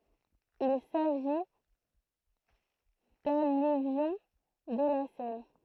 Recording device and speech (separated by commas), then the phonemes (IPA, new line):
throat microphone, read sentence
il saʒi dalyvjɔ̃ də la sɛn